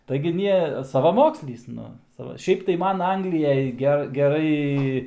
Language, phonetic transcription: Lithuanian, taigi ˈnie savaˈmokslys ˈnu ˈsava ˈšiaip tai ˈman ˈangliˈjaj ˈge geˈrai

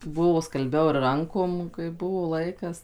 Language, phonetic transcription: Lithuanian, ˈbuvo skalˈbiau ir ˈrankom kai ˈbuvo ˈlaikas

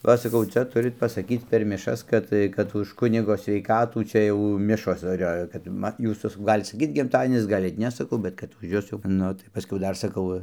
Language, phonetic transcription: Lithuanian, ˈva saˈkau ˈcia ˈturit pasaˈkyc per miˈšas ˈkad tai kad už ˈkunigo sveiˈkatų čia ˈjau ˈmišos dar ˈjo kad ˈma ˈjūs jau saˈkau ˈgalit saˈkyt gimˈtadienis ˈgalit ˈne saˈkau ˈbet kad už ˈjus jau ˈnu tai paˈskiau ˈdar saˈkau

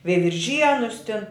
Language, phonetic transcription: Lithuanian, veivirˈžienus tin

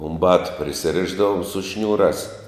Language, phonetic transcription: Lithuanian, um ˈbatu prisiˈrišdavum su ˈšniūrās

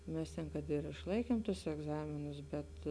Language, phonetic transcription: Lithuanian, ˈmes ten kad ir išˈlaikiemˈtus egˈzaminus bet

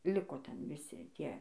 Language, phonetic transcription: Lithuanian, ˈliko ˈten viˈsi ˈtie

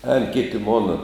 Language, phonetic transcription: Lithuanian, ēn ˈkiti ˈmona

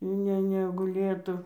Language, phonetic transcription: Lithuanian, ˈne neguˈlėtu

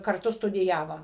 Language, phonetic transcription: Lithuanian, karˈtu studiˈjavom

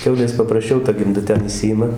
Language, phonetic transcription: Lithuanian, ˈkiaulės paprasˈčiau ta gimˈda ˈten iˈšsijima

